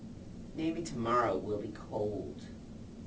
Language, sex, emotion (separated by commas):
English, female, neutral